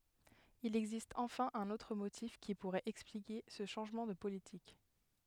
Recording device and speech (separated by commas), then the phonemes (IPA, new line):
headset microphone, read sentence
il ɛɡzist ɑ̃fɛ̃ œ̃n otʁ motif ki puʁɛt ɛksplike sə ʃɑ̃ʒmɑ̃ də politik